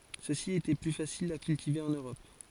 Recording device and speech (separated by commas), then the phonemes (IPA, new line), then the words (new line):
forehead accelerometer, read sentence
søksi etɛ ply fasilz a kyltive ɑ̃n øʁɔp
Ceux-ci étaient plus faciles à cultiver en Europe.